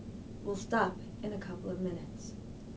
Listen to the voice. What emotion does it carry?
neutral